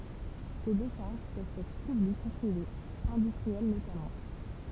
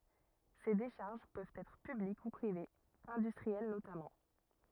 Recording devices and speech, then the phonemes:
temple vibration pickup, rigid in-ear microphone, read sentence
se deʃaʁʒ pøvt ɛtʁ pyblik u pʁivez ɛ̃dystʁiɛl notamɑ̃

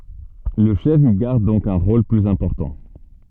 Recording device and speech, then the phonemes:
soft in-ear microphone, read sentence
lə ʃɛf i ɡaʁd dɔ̃k œ̃ ʁol plyz ɛ̃pɔʁtɑ̃

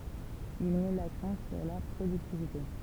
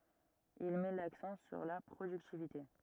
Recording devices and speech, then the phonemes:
temple vibration pickup, rigid in-ear microphone, read sentence
il mɛ laksɑ̃ syʁ la pʁodyktivite

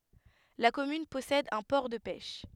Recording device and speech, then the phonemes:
headset microphone, read sentence
la kɔmyn pɔsɛd œ̃ pɔʁ də pɛʃ

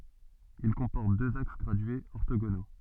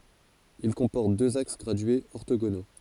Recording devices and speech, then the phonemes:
soft in-ear microphone, forehead accelerometer, read sentence
il kɔ̃pɔʁt døz aks ɡʁadyez ɔʁtoɡono

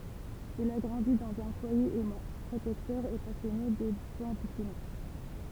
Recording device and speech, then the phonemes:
temple vibration pickup, read sentence
il a ɡʁɑ̃di dɑ̃z œ̃ fwaje ɛmɑ̃ pʁotɛktœʁ e pasjɔne də bɑ̃d dɛsine

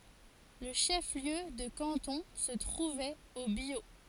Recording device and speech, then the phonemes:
forehead accelerometer, read sentence
lə ʃəfliø də kɑ̃tɔ̃ sə tʁuvɛt o bjo

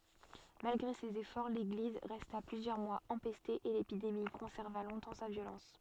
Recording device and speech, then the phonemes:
soft in-ear microphone, read sentence
malɡʁe sez efɔʁ leɡliz ʁɛsta plyzjœʁ mwaz ɑ̃pɛste e lepidemi kɔ̃sɛʁva lɔ̃tɑ̃ sa vjolɑ̃s

